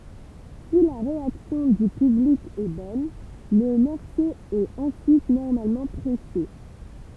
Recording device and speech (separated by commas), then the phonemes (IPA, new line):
temple vibration pickup, read sentence
si la ʁeaksjɔ̃ dy pyblik ɛ bɔn lə mɔʁso ɛt ɑ̃syit nɔʁmalmɑ̃ pʁɛse